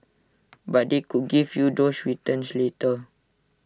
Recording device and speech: standing microphone (AKG C214), read sentence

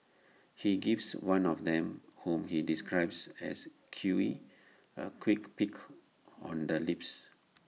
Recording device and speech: mobile phone (iPhone 6), read sentence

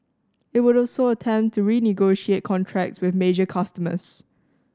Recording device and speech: standing microphone (AKG C214), read sentence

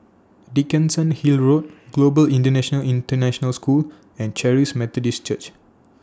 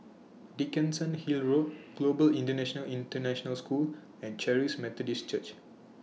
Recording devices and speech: standing microphone (AKG C214), mobile phone (iPhone 6), read sentence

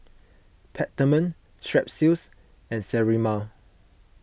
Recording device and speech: boundary microphone (BM630), read sentence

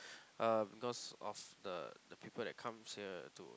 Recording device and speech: close-talking microphone, conversation in the same room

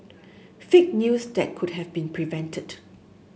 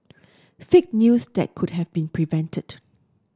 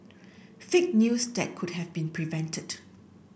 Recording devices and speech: mobile phone (Samsung S8), standing microphone (AKG C214), boundary microphone (BM630), read sentence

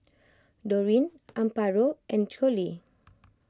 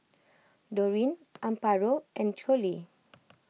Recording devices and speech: close-talking microphone (WH20), mobile phone (iPhone 6), read sentence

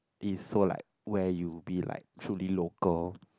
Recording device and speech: close-talking microphone, conversation in the same room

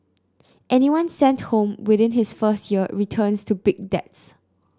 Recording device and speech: close-talking microphone (WH30), read sentence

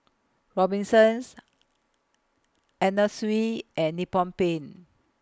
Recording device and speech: close-talking microphone (WH20), read sentence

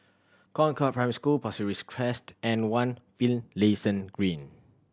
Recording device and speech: standing microphone (AKG C214), read sentence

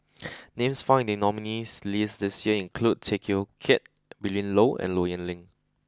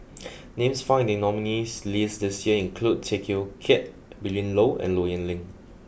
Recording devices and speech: close-talking microphone (WH20), boundary microphone (BM630), read sentence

